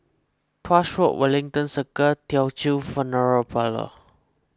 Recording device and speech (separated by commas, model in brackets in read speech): close-talking microphone (WH20), read sentence